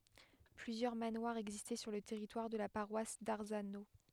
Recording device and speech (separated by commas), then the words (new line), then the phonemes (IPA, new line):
headset microphone, read sentence
Plusieurs manoirs existaient sur le territoire de la paroisse d'Arzano.
plyzjœʁ manwaʁz ɛɡzistɛ syʁ lə tɛʁitwaʁ də la paʁwas daʁzano